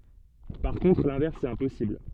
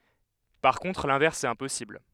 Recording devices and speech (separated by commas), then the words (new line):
soft in-ear microphone, headset microphone, read sentence
Par contre, l'inverse est impossible.